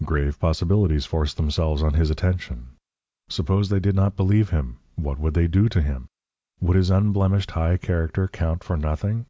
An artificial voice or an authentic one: authentic